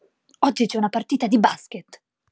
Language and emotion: Italian, angry